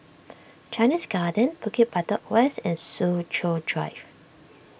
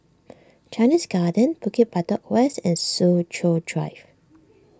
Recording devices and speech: boundary microphone (BM630), standing microphone (AKG C214), read sentence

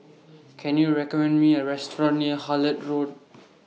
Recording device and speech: mobile phone (iPhone 6), read sentence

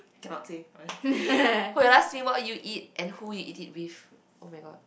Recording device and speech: boundary microphone, conversation in the same room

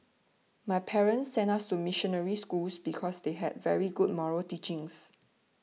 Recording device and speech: mobile phone (iPhone 6), read sentence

